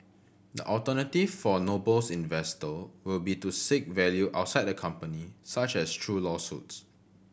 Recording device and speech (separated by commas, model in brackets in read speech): boundary microphone (BM630), read sentence